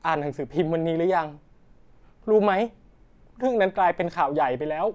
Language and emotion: Thai, frustrated